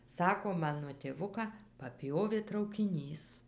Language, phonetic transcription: Lithuanian, ˈsako ˈmano tėˈvuką paˈpjovė traukiˈnys

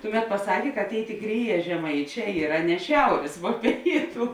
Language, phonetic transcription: Lithuanian, ˈtuˌmet paˈsakė kad ˈtėi tėˈkrėˌjē žeˈmaiˌčē ˈyra ne ˈšiaurės vuo ˈpėitu

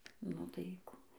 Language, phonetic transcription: Lithuanian, nu tai ˈku

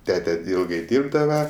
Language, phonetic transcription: Lithuanian, ˈtete ˈilgai ˈdyrbdava

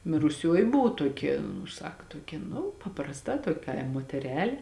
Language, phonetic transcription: Lithuanian, miruˈsioji ˈbuvu ˈtuokia nu ˈsak tuoˈkia nu paprasˈta ˈtuok' ˈkaim moteˈrelė

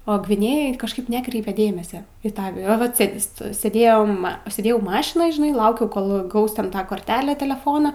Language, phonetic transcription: Lithuanian, o gviˈnėjoj kažˈkaip ˈnekreipia ˈdėmese į ˈtą a vat ˈsėdi ˈstoj sėˈdėjom sėˈdėjau ˈmašinoj žiˈnai ˈlaukiau ˈkol ˈgaus ten ˈtą korˈtelę teleˈfono

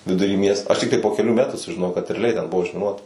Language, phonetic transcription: Lithuanian, viduˈry ˈmiesto aš ˈtiktai po keˈlių ˈmetų sužiˈnojau kad reaˈliai ten ˈbuvo užmiˈnuota

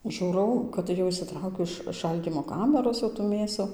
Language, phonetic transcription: Lithuanian, ˈžūrau kad ˈjau išsiˈtraukiu iš ˈšaldymo ˈkamæros jau tų ˈmėsu

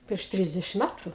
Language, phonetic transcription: Lithuanian, prieš ˈtrisdešim ˈmætu

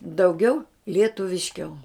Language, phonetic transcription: Lithuanian, dauˈgiau lietuvišˈkiau

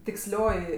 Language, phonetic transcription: Lithuanian, tiksˈlioji

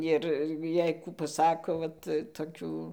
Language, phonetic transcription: Lithuanian, ˈir ˈjei ˈkų paˈsako ˈvat toˈkių

